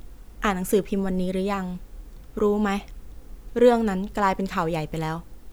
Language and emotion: Thai, neutral